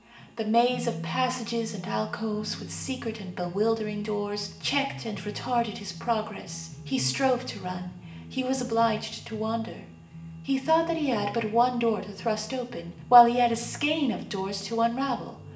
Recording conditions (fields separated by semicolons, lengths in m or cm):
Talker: one person; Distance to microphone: 1.8 m; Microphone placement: close; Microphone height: 1.0 m; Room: large; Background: music